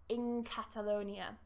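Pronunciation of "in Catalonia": In 'in Catalonia', the n of 'in' changes to an ng sound, like the one in 'thing', and connects to the k at the start of 'Catalonia'.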